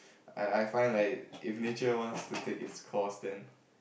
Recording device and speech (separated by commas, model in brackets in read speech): boundary microphone, conversation in the same room